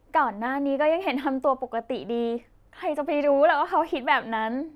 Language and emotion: Thai, happy